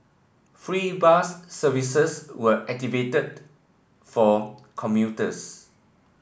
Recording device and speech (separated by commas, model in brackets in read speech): boundary microphone (BM630), read sentence